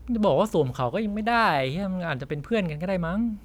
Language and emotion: Thai, frustrated